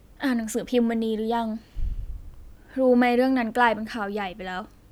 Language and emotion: Thai, sad